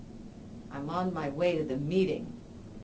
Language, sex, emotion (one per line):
English
female
disgusted